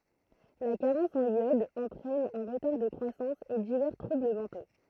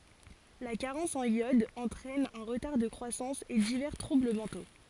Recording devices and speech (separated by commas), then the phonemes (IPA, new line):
throat microphone, forehead accelerometer, read sentence
la kaʁɑ̃s ɑ̃n jɔd ɑ̃tʁɛn œ̃ ʁətaʁ də kʁwasɑ̃s e divɛʁ tʁubl mɑ̃to